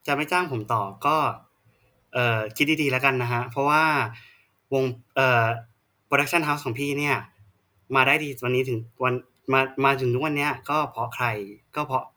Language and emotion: Thai, frustrated